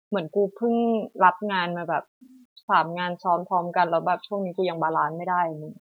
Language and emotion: Thai, frustrated